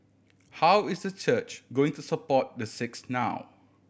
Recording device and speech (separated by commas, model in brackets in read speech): boundary microphone (BM630), read sentence